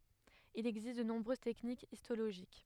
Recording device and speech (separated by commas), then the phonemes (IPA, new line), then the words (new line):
headset microphone, read sentence
il ɛɡzist də nɔ̃bʁøz tɛknikz istoloʒik
Il existe de nombreuses techniques histologiques.